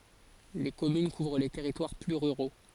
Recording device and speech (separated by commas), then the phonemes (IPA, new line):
forehead accelerometer, read sentence
le kɔmyn kuvʁ le tɛʁitwaʁ ply ʁyʁo